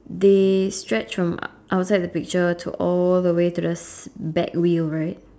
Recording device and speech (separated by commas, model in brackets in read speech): standing microphone, conversation in separate rooms